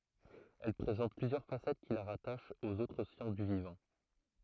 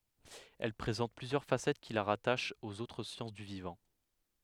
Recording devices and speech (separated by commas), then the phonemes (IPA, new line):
throat microphone, headset microphone, read sentence
ɛl pʁezɑ̃t plyzjœʁ fasɛt ki la ʁataʃt oz otʁ sjɑ̃s dy vivɑ̃